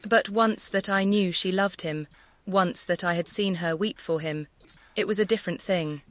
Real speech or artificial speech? artificial